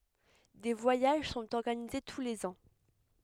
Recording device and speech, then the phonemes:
headset microphone, read sentence
de vwajaʒ sɔ̃t ɔʁɡanize tu lez ɑ̃

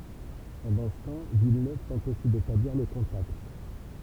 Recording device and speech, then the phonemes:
temple vibration pickup, read sentence
pɑ̃dɑ̃ sə tɑ̃ vilnøv tɑ̃t osi detabliʁ lə kɔ̃takt

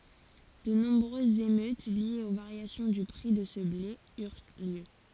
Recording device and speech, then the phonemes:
forehead accelerometer, read sentence
də nɔ̃bʁøzz emøt ljez o vaʁjasjɔ̃ dy pʁi də sə ble yʁ ljø

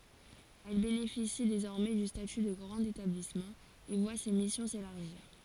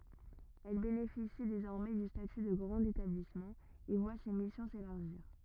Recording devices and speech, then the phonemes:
forehead accelerometer, rigid in-ear microphone, read sentence
ɛl benefisi dezɔʁmɛ dy staty də ɡʁɑ̃t etablismɑ̃ e vwa se misjɔ̃ selaʁʒiʁ

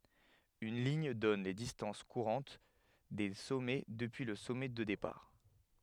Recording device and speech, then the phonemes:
headset microphone, read sentence
yn liɲ dɔn le distɑ̃s kuʁɑ̃t de sɔmɛ dəpyi lə sɔmɛ də depaʁ

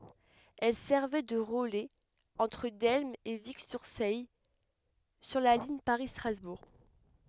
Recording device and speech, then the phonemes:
headset microphone, read sentence
ɛl sɛʁvɛ də ʁəlɛz ɑ̃tʁ dɛlm e viksyʁsɛj syʁ la liɲ paʁistʁazbuʁ

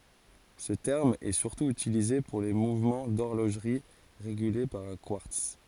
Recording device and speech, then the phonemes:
forehead accelerometer, read sentence
sə tɛʁm ɛ syʁtu ytilize puʁ le muvmɑ̃ dɔʁloʒʁi ʁeɡyle paʁ œ̃ kwaʁts

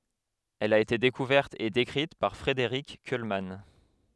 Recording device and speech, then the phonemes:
headset microphone, read sentence
ɛl a ete dekuvɛʁt e dekʁit paʁ fʁedeʁik kylman

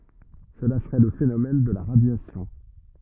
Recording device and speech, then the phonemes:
rigid in-ear microphone, read sentence
səla səʁɛ lə fenomɛn də la ʁadjasjɔ̃

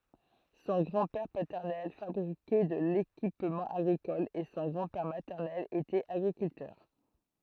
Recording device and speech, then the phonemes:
throat microphone, read sentence
sɔ̃ ɡʁɑ̃dpɛʁ patɛʁnɛl fabʁikɛ də lekipmɑ̃ aɡʁikɔl e sɔ̃ ɡʁɑ̃dpɛʁ matɛʁnɛl etɛt aɡʁikyltœʁ

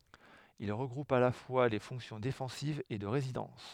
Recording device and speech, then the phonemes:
headset microphone, read sentence
il ʁəɡʁupt a la fwa le fɔ̃ksjɔ̃ defɑ̃sivz e də ʁezidɑ̃s

